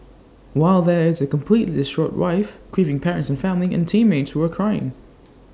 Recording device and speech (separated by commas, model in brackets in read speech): standing microphone (AKG C214), read sentence